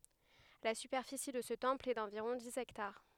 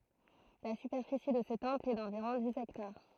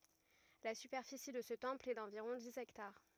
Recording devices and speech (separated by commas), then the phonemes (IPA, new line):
headset microphone, throat microphone, rigid in-ear microphone, read sentence
la sypɛʁfisi də sə tɑ̃pl ɛ dɑ̃viʁɔ̃ diz ɛktaʁ